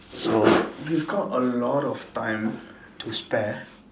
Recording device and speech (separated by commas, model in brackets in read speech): standing microphone, conversation in separate rooms